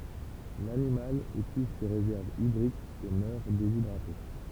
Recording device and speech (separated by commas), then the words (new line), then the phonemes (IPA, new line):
temple vibration pickup, read sentence
L'animal épuise ses réserves hydriques et meurt déshydraté.
lanimal epyiz se ʁezɛʁvz idʁikz e mœʁ dezidʁate